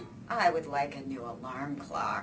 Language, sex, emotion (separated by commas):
English, female, disgusted